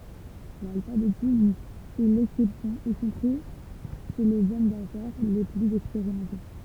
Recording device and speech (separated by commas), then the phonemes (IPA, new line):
temple vibration pickup, read sentence
lalfabetism ɛ lɛksɛpsjɔ̃ i kɔ̃pʁi ʃe lez ɔm dafɛʁ le plyz ɛkspeʁimɑ̃te